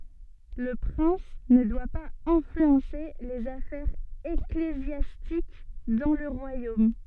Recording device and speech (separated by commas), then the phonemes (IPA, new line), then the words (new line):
soft in-ear microphone, read sentence
lə pʁɛ̃s nə dwa paz ɛ̃flyɑ̃se lez afɛʁz eklezjastik dɑ̃ lə ʁwajom
Le prince ne doit pas influencer les affaires ecclésiastiques dans le royaume.